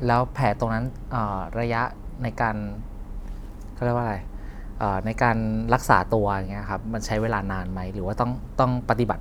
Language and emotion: Thai, neutral